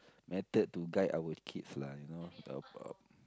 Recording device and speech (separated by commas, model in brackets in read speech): close-talking microphone, conversation in the same room